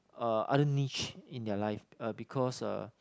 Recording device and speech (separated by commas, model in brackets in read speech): close-talking microphone, conversation in the same room